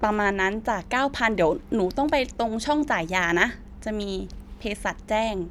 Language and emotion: Thai, neutral